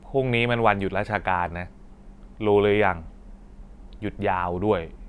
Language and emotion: Thai, frustrated